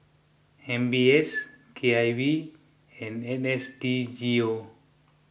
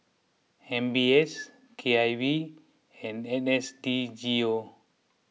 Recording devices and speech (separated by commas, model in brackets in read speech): boundary microphone (BM630), mobile phone (iPhone 6), read sentence